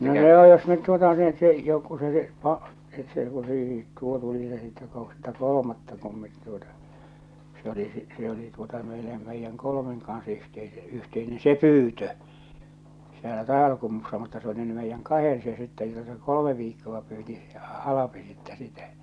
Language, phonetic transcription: Finnish, no joo , jos nyt tuota net , jo ku se ˢᵉ , et se tuli , tuo 'tuli se sitte kohta "kol°matta kum met tuota , se oli si- , se oli tuota meilem meijjäŋ "kolomeŋ kans yhteise- 'yhteine 'se "pyytö , sielä 'Tàival̬kummussa mutta se oli ny meijjäŋ "kahen se sitte jota se "kolome viikkova pyyti se "Alapi sittɛ 'sitä .
- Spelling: no joo jos nyt tuota ne jo kun se se että se tuli tuo tuli se sitten kohta kolmatta kun me tuota se oli - se oli tuota meille meidän kolmen kanssa - yhteinen se pyytö siellä Taivalkummussa mutta se oli nyt meidän kahden se sitten jota se kolme viikkoa pyysi se Alpi sitten sitä

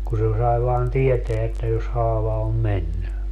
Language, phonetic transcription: Finnish, ku se 'sai vaan "tieteä että jos 'haava om 'menny .
- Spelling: kun se sai vain tietää että jos haava on mennyt

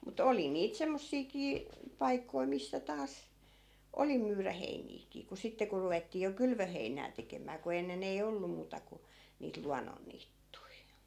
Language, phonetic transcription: Finnish, mu"t ‿oli niit 'semmossiikii , 'paikkoi missä 'taas , 'oli myyrä 'heiniikii , ku 'sitte ku ruvettii jo "kylvöheinää 'tekem̀ää ku 'ennen ‿ei "ollu muuta ku , niit 'luannonniittui .
- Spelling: mutta oli niitä semmoisiakin paikkoja missä taas oli myydä heiniäkin kun sitten kun ruvettiin jo kylvöheinää tekemään kun ennen ei ollut muuta kuin niitä luonnonniittyjä

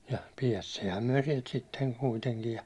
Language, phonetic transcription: Finnish, ja 'piɛstiihäm myäₒ sielt sitteŋ 'kuiteŋkij ja ,.
- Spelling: ja päästiinhän me sieltä sitten kuitenkin ja

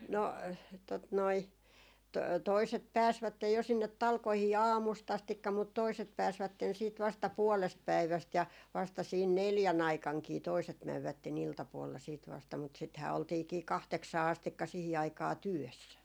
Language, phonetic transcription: Finnish, no , tot noi , to- toiset "pääsvättej jo sinnet 'talkohii "aamus't ‿astikka mut 'toiset 'pääsvätten siit vasta "puɔlest 'päiväst ja vasta siin "neljä'n ‿aikaŋkii toiset 'mävvätte'n ‿'iltapuolla siit 'vasta mut sithää oltiikii "kahteksaa 'astikka 'sihi aikaa "työssä .
- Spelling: no tuota noin - toiset pääsivät jo sinne talkoisiin aamusta asti mutta toiset pääsivät sitten vasta puolesta päivästä ja vasta siinä neljän aikanakin toiset menivät iltapuolella sitten vasta mutta sitähän oltiinkin kahdeksaan asti siihen aikaa työssä

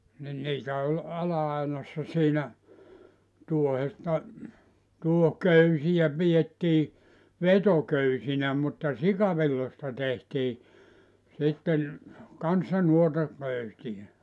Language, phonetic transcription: Finnish, nin 'niitä oĺ 'ala₍ainassa siinä , 'tuohesta , 'tuoh"köysijä 'pijettii , "vetoköysinä mutta "sikavillosta tehtii , 'sitten , 'kanssa 'nuota , köysiʲä .
- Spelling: niin niitä oli ala-ainassa siinä tuohesta tuohiköysiä pidettiin vetoköysinä mutta sikavilloista tehtiin sitten kanssa noita köysiä

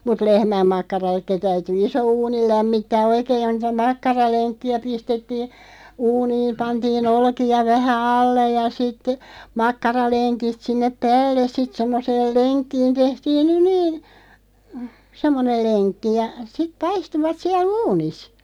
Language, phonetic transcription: Finnish, mut "lehmäm'makkaral̆leki 'täyty 'iso "uunil̳§ lämmittää "oikeeʲ (johon niitä) 'makkaraleŋkki₍ä 'pistettii , 'uuniim 'pantii"n ‿olki₍a 'vähä "allej ja sitte , 'makkaraleŋkiˢ̳§t 'sinnep "päälles 'sit 'semmoseel "leŋkkiin 'tehtiin (ny) "niin̬ , 'semmonel "leŋkki ja , sit 'paistuvat 'siäl "uunis .
- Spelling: mutta lehmänmakkarallekin täytyi iso uuni lämmittää oikein johon niitä makkaralenkkejä pistettiin uuniin pantiin olkia vähän alle ja sitten makkaralenkit sinne päälle sitten semmoiseen lenkkiin tehtiin nyt niin semmoinen lenkki ja sitten paistuivat siellä uunissa

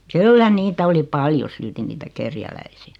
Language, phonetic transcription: Finnish, kyllä 'niitä oli 'paljo 'silti niitä "kerjäläisi₍ä .
- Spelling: kyllä niitä oli paljon silti niitä kerjäläisiä

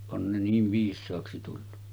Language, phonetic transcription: Finnish, on ne niiv 'viis̆saaksi tullu .
- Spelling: on ne niin viisaaksi tullut

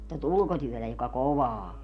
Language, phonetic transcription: Finnish, tät "ulkotyötä joka "kovaa o .
- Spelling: tätä ulkotyötä joka kovaa on

